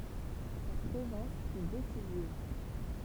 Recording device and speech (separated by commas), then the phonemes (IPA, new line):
temple vibration pickup, read sentence
sa pʁezɑ̃s fy desiziv